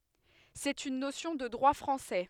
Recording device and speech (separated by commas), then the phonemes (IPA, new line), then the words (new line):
headset microphone, read sentence
sɛt yn nosjɔ̃ də dʁwa fʁɑ̃sɛ
C'est une notion de droit français.